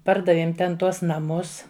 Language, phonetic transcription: Lithuanian, ˈpardavėm ˈten ˈtuos naˈmus

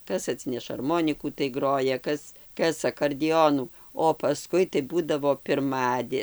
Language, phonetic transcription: Lithuanian, ˈkas aˈtsineša arˈmonikų tai ˈgroja ˈkas ˈkas akordiˈonų o paˈskui tai ˈbūdavo pirˈmadė

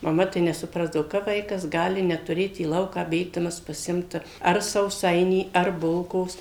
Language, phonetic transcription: Lithuanian, maˈma tai nesuˈprasdavo kap ˈvaikas ˈgali netuˈrėt į ˈlauką ˈbėgdamas paˈsimt ar sauˈsainį ar ˈbulkos

